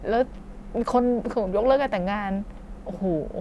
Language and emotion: Thai, frustrated